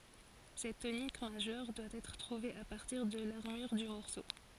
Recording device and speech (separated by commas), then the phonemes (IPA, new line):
forehead accelerometer, read sentence
sɛt tonik maʒœʁ dwa ɛtʁ tʁuve a paʁtiʁ də laʁmyʁ dy mɔʁso